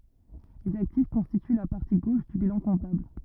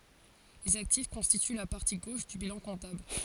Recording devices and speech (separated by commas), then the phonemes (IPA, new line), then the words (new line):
rigid in-ear microphone, forehead accelerometer, read sentence
lez aktif kɔ̃stity la paʁti ɡoʃ dy bilɑ̃ kɔ̃tabl
Les actifs constituent la partie gauche du bilan comptable.